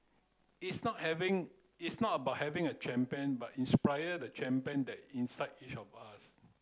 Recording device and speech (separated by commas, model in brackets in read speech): close-talking microphone (WH30), read sentence